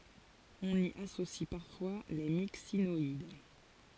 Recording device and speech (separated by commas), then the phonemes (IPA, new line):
forehead accelerometer, read sentence
ɔ̃n i asosi paʁfwa le miksinɔid